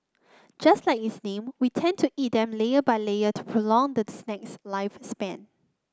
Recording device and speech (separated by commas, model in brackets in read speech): close-talking microphone (WH30), read sentence